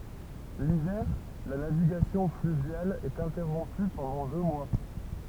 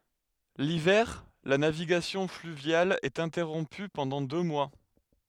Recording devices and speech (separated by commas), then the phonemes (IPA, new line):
temple vibration pickup, headset microphone, read sentence
livɛʁ la naviɡasjɔ̃ flyvjal ɛt ɛ̃tɛʁɔ̃py pɑ̃dɑ̃ dø mwa